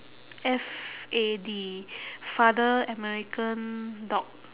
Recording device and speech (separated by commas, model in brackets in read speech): telephone, conversation in separate rooms